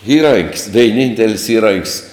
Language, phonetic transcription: Lithuanian, ˈįrank's' veiˈnyntel's' ˈįrank's'

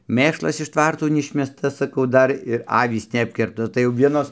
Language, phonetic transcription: Lithuanian, ˈmėšlas iš ˈtvarto neˈišmesta saˈkau ˈdar ir ˈavys neˈapkirpta tai jau ˈvienos

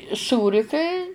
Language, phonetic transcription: Lithuanian, ˈsūri kai

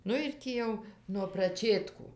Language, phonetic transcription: Lithuanian, ˈnu ir ˈtį jau nuo praˈčėtkų

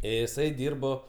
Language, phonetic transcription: Lithuanian, iˈsai ˈdyrbo

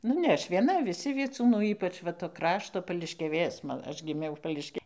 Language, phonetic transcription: Lithuanian, ˈnu ne ˈaš vieˈna viˈsi vieˈcūnų ˈypač ˈva to ˈkrašto pališkiaˈvės ˈma ˈaš giˈmiau pališˈkia

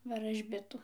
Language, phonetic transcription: Lithuanian, varažˈbitu

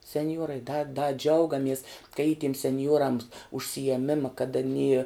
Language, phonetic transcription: Lithuanian, senˈjuorai da da ˈdžiaugamies ka y tiem senˈjuorams užsijieˈmima kad aˈny

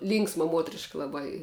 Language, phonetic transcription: Lithuanian, ˈlynksma ˈmuotriška laˈbai

